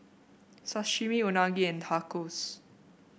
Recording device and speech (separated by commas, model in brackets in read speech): boundary microphone (BM630), read sentence